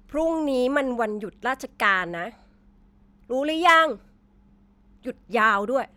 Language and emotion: Thai, angry